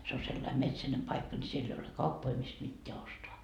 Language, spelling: Finnish, se on sellainen metsäinen paikka niin siellä ei ole kauppoja mistä mitään ostaa
- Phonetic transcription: se o sellaim 'metsänem 'paikka ni 'siell ‿ei ole "kauppoi mist mitteä 'ostoa .

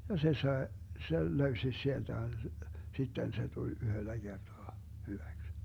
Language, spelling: Finnish, ja se sai sen löysi sieltä sitten se tuli yhdellä kertaa hyväksi
- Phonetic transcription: ja se 'sae , 'sel 'löysi 'sielDä , 'sitten se tuĺ "yhöllä 'Gertoa , 'hyväks .

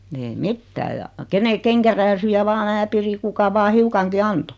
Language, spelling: Finnish, ei mitään ja kenen kenkärääsyjä vain minä pidin kuka vain hiukankin antoi
- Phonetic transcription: 'ei "mittää ja , 'kene 'keŋkärääsyjä 'vaa 'mää 'piri kuka 'vaa "hiukaŋki 'anto .

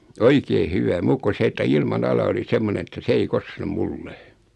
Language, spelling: Finnish, oikein hyvä muuta kuin se että ilmanala oli semmoinen että se ei koske minulle
- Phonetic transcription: oikee "hyvä 'muukku 'se että 'ilma'nala oli 'semmonen̬ että 'se ei 'koske "mulle .

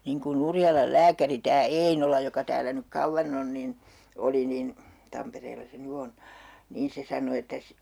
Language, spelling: Finnish, niin kuin Urjalan lääkäri tämä Einola joka täällä nyt kauan on niin oli niin Tampereella se nyt on niin se sanoi että -
- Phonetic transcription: niiŋ kun'ⁿ ‿Urjalal 'lääkäri tää "Einola joka täälä nyk 'kauvvan ‿on nin , 'oli nin , 'Tampereella se 'ny on , niin 'se sano että s - ,.

